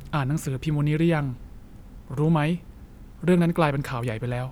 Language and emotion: Thai, neutral